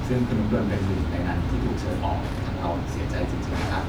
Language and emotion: Thai, sad